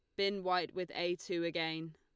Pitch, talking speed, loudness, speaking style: 175 Hz, 205 wpm, -37 LUFS, Lombard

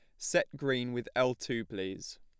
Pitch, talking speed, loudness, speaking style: 120 Hz, 180 wpm, -33 LUFS, plain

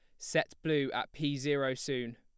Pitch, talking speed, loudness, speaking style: 140 Hz, 185 wpm, -34 LUFS, plain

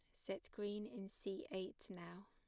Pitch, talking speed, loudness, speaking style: 195 Hz, 175 wpm, -49 LUFS, plain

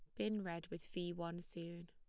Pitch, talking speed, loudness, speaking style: 170 Hz, 215 wpm, -46 LUFS, plain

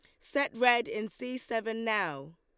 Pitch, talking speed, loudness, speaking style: 225 Hz, 165 wpm, -31 LUFS, Lombard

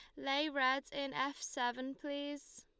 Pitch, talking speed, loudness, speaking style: 275 Hz, 150 wpm, -38 LUFS, Lombard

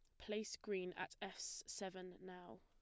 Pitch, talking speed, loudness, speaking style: 185 Hz, 150 wpm, -49 LUFS, plain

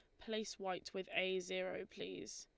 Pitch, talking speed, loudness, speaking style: 185 Hz, 165 wpm, -43 LUFS, Lombard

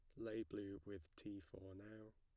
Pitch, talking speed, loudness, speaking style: 100 Hz, 185 wpm, -53 LUFS, plain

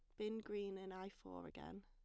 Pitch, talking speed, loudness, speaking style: 190 Hz, 220 wpm, -50 LUFS, plain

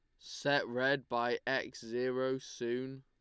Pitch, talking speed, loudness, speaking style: 130 Hz, 130 wpm, -35 LUFS, Lombard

